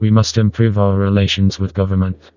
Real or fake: fake